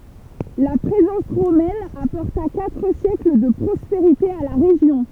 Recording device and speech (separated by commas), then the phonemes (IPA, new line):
temple vibration pickup, read sentence
la pʁezɑ̃s ʁomɛn apɔʁta katʁ sjɛkl də pʁɔspeʁite a la ʁeʒjɔ̃